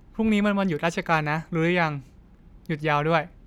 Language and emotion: Thai, neutral